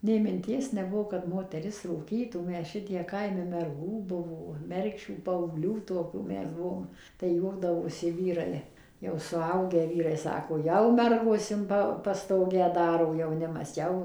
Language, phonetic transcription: Lithuanian, ˈnė minˈties neˈbuvo kad ˌmoteˈris rūˈkytų ˈmes ˈšitiek ˈkaime merˈgų ˈbuvo ˈmergšių paauˈglių toˈkių ˈmes ˈbuvom tai ˈjuokdavosi ˈvyrai jau suˈaugę ˈvyrai ˈsako ˈjau ˈmergos in ˈpa paˈstogę ˈdaro jauˈnimas ˈjau

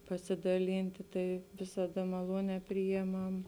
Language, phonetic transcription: Lithuanian, pasidaˈlynti ˈtai visaˈda maˈluonē ˈprijeˌmam

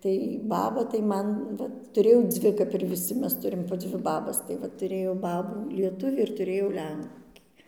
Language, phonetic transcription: Lithuanian, tai ˈbaba tai ˈman ˈvat tuˈrėjau ˈdzvi kap ir viˈsi ˈmes ˈturim po ˈdzvi ˈbabas tai ˈva tuˈrėjau ˈbabų lieˈtuvį ir tuˈrėjau ˈlenkį

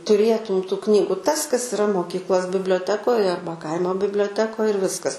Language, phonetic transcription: Lithuanian, tuˈrėtum tu ˈknygu tas kas iˈra moˈkyklos biblioˈtekoj ˈarba ˈkaimo biblioˈtekoj ir ˈviskas

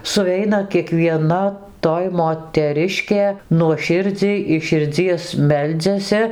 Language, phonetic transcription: Lithuanian, suˈveina kiekvieˈna ˈtoj moteˈriškė nuoˈširdziai iš širˈdzies ˈmeldziasi

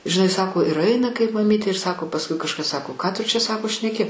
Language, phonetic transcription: Lithuanian, žiˈnai ˈsako ir ˈaina kaip maˈmytė ir ˈsako pasˈkui kažˈkas ˈsako ˈką ˈtu čia ˈsako šneˈki

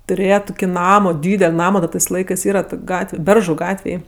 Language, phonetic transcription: Lithuanian, tuˈrėje ˈtuki ˈnamo ˈdydel' ˈnamo da tɜs ˈlaikɜs ˈyra tok' ˈgatve ˈberžu ˈgatvėj

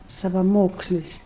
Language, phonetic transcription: Lithuanian, savaˈmokslis

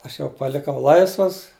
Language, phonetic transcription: Lithuanian, ˈaš jau paˈlikau ˈlaisvas

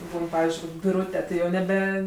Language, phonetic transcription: Lithuanian, ˈbūn ˈpavizdžiui kok' biˈrūte tai ˈjau neˈbe

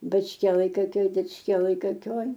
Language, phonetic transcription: Lithuanian, bačˈkielaj koˈkioj dičˈkielaj koˈkioj

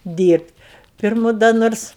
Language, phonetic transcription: Lithuanian, ˈdyrbt' ˈpirmu da ˈnors

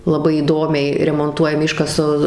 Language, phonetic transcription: Lithuanian, laˈbai įˈdomiai remonˈtuojami ˈiškasa

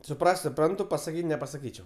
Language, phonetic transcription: Lithuanian, suˈpras't' suˈprantu pasaˈkyt' nepasaˈkyčiau

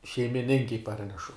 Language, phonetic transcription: Lithuanian, šeimiˈninkei ˈparnešu

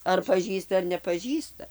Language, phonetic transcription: Lithuanian, ar paˈžįsta ar nepaˈžįsta

